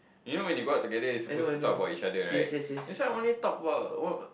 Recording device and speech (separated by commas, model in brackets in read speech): boundary microphone, conversation in the same room